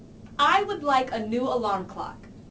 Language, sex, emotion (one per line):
English
female
angry